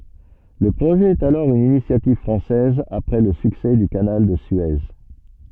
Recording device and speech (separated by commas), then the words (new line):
soft in-ear microphone, read sentence
Le projet est alors une initiative française après le succès du canal de Suez.